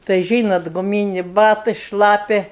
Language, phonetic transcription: Lithuanian, tai ˈžynat guˈmynė ˈbatɜ ˈšlapia

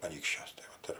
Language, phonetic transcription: Lithuanian, aˈnykščiuos tai ˈvat ir

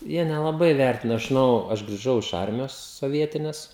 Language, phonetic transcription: Lithuanian, ˈjie nelaˈbai ˈvertina aš žiˈnau aš griˈžau iš ˈarmijos soˈvietines

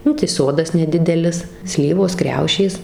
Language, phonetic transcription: Lithuanian, ˈnu tai ˈsodas neˈdidelis ˈslyvos ˈkriaušės

